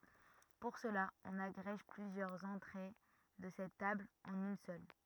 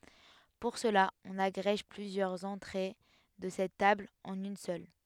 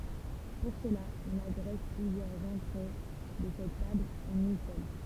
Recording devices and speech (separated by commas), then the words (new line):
rigid in-ear microphone, headset microphone, temple vibration pickup, read sentence
Pour cela, on agrège plusieurs entrées de cette table en une seule.